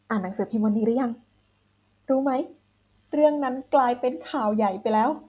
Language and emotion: Thai, happy